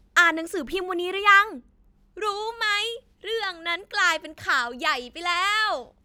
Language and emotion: Thai, happy